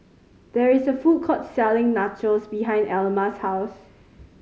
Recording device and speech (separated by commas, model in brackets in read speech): mobile phone (Samsung C5010), read sentence